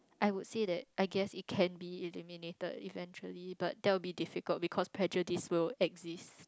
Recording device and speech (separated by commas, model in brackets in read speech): close-talking microphone, conversation in the same room